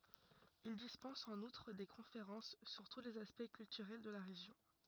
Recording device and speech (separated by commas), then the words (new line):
rigid in-ear microphone, read sentence
Il dispense en outre des conférences sur tous les aspects culturels de la région.